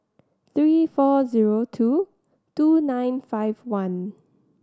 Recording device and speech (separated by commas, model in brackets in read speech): standing microphone (AKG C214), read sentence